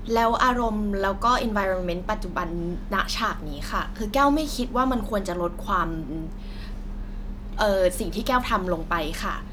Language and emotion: Thai, frustrated